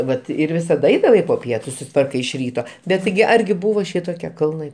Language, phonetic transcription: Lithuanian, ˈvat ir ˈvisad ˈaidavai po ˈpietu susiˈtvarkai iš ˈryto bet ˈtigi ˈargi ˈbūvo ˈšitokie kalˈnai

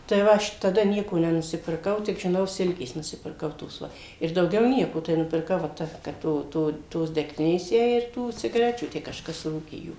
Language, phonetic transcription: Lithuanian, tai ˈva aš taˈda ˈnieko nenusipirˈkau tik žiˈnau ˈsilkės nusipirˈkau tos ˈva ir dauˈgiau ˈnieko tai nupirˈkau va ˈta kad ˈto ˈto tos degˈtinės ˈjai ir ˈtų cigaˈrečių ˈtę kažˈkas ˈrūkė ˈjų

